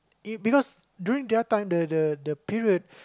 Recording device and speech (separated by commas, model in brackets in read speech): close-talking microphone, conversation in the same room